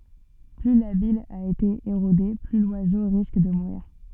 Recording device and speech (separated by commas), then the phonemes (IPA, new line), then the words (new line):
soft in-ear microphone, read sentence
ply la bij a ete eʁode ply lwazo ʁisk də muʁiʁ
Plus la bille a été érodée, plus l'oiseau risque de mourir.